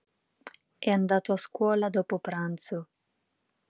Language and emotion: Italian, neutral